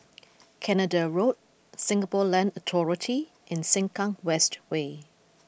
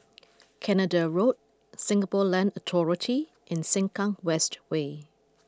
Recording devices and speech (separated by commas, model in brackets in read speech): boundary microphone (BM630), close-talking microphone (WH20), read sentence